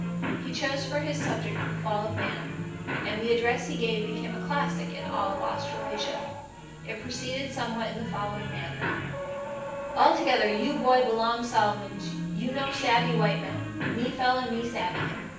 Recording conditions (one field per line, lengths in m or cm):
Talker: one person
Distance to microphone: 9.8 m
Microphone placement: far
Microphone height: 1.8 m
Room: large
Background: television